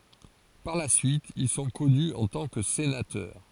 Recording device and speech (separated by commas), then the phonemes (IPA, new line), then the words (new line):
forehead accelerometer, read sentence
paʁ la syit il sɔ̃ kɔny ɑ̃ tɑ̃ kə senatœʁ
Par la suite, ils sont connus en tant que sénateurs.